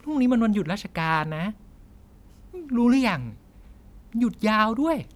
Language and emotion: Thai, neutral